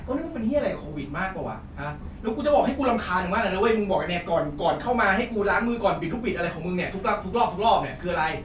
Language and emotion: Thai, angry